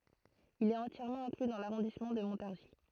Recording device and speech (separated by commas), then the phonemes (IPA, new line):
throat microphone, read sentence
il ɛt ɑ̃tjɛʁmɑ̃ ɛ̃kly dɑ̃ laʁɔ̃dismɑ̃ də mɔ̃taʁʒi